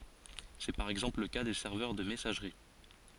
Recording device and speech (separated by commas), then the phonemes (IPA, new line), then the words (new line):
forehead accelerometer, read sentence
sɛ paʁ ɛɡzɑ̃pl lə ka de sɛʁvœʁ də mɛsaʒʁi
C'est par exemple le cas des serveurs de messagerie.